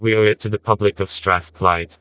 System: TTS, vocoder